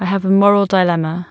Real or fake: real